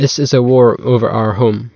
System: none